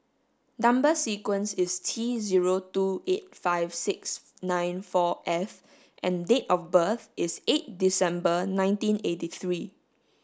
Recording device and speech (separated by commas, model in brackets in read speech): standing microphone (AKG C214), read sentence